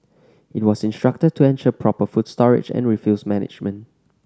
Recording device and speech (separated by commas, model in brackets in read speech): standing microphone (AKG C214), read sentence